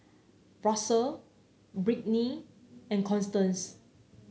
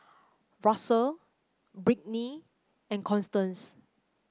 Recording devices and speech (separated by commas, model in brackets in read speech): mobile phone (Samsung C9), close-talking microphone (WH30), read sentence